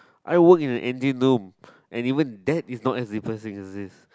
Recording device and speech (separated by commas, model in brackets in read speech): close-talking microphone, conversation in the same room